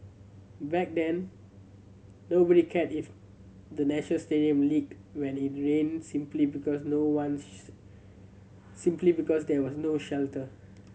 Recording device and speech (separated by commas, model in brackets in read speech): mobile phone (Samsung C7100), read sentence